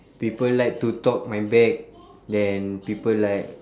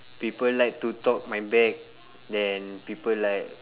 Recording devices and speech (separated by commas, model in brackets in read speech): standing microphone, telephone, conversation in separate rooms